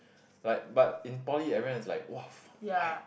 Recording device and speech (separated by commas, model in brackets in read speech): boundary microphone, conversation in the same room